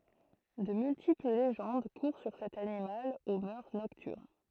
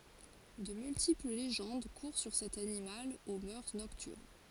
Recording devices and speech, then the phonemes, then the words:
throat microphone, forehead accelerometer, read sentence
də myltipl leʒɑ̃d kuʁ syʁ sɛt animal o mœʁ nɔktyʁn
De multiples légendes courent sur cet animal aux mœurs nocturnes.

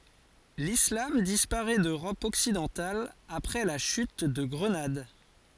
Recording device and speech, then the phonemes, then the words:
forehead accelerometer, read sentence
lislam dispaʁɛ døʁɔp ɔksidɑ̃tal apʁɛ la ʃyt də ɡʁənad
L’islam disparaît d’Europe occidentale après la chute de Grenade.

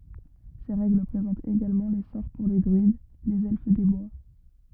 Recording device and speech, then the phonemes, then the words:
rigid in-ear microphone, read sentence
se ʁɛɡl pʁezɑ̃tt eɡalmɑ̃ le sɔʁ puʁ le dʁyid lez ɛlf de bwa
Ces règles présentent également les sorts pour les druides, les Elfes des bois.

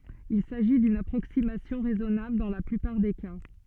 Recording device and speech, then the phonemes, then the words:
soft in-ear microphone, read sentence
il saʒi dyn apʁoksimasjɔ̃ ʁɛzɔnabl dɑ̃ la plypaʁ de ka
Il s'agit d'une approximation raisonnable dans la plupart des cas.

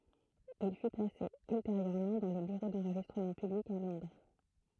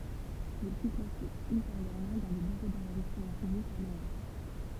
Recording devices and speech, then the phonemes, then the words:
throat microphone, temple vibration pickup, read sentence
il fy plase ylteʁjøʁmɑ̃ dɑ̃ lə byʁo dɑ̃ʁʒistʁəmɑ̃ pyblik a lɔ̃dʁ
Il fut placé ultérieurement dans le Bureau d'enregistrement public à Londres.

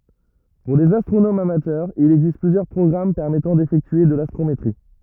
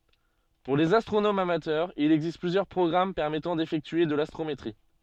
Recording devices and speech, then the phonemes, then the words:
rigid in-ear microphone, soft in-ear microphone, read sentence
puʁ lez astʁonomz amatœʁz il ɛɡzist plyzjœʁ pʁɔɡʁam pɛʁmɛtɑ̃ defɛktye də lastʁometʁi
Pour les astronomes amateurs, il existe plusieurs programmes permettant d'effectuer de l'astrométrie.

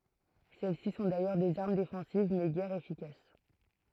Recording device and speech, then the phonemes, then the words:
throat microphone, read sentence
sɛlɛsi sɔ̃ dajœʁ dez aʁm defɑ̃siv mɛ ɡɛʁ efikas
Celles-ci sont d'ailleurs des armes défensives mais guère efficaces.

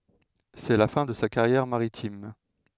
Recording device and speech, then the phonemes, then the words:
headset microphone, read sentence
sɛ la fɛ̃ də sa kaʁjɛʁ maʁitim
C'est la fin de sa carrière maritime.

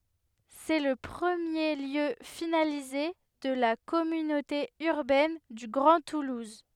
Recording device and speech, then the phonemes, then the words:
headset microphone, read sentence
sɛ lə pʁəmje ljø finalize də la kɔmynote yʁbɛn dy ɡʁɑ̃ tuluz
C'est le premier lieu finalisé de la Communauté Urbaine du Grand Toulouse.

